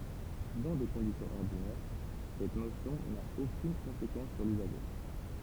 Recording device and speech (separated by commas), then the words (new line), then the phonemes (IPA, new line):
temple vibration pickup, read sentence
Dans des conditions ordinaires, cette notion n'a aucune conséquence sur l'usager.
dɑ̃ de kɔ̃disjɔ̃z ɔʁdinɛʁ sɛt nosjɔ̃ na okyn kɔ̃sekɑ̃s syʁ lyzaʒe